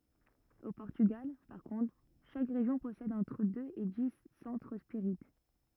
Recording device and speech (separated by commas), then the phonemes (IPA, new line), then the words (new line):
rigid in-ear microphone, read sentence
o pɔʁtyɡal paʁ kɔ̃tʁ ʃak ʁeʒjɔ̃ pɔsɛd ɑ̃tʁ døz e di sɑ̃tʁ spiʁit
Au Portugal, par contre, chaque région possède entre deux et dix centres spirites.